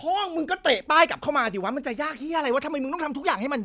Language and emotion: Thai, angry